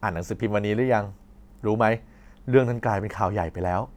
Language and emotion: Thai, neutral